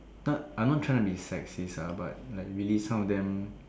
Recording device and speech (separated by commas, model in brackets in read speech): standing microphone, conversation in separate rooms